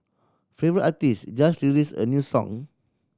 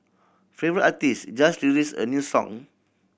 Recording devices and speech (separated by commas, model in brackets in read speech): standing microphone (AKG C214), boundary microphone (BM630), read sentence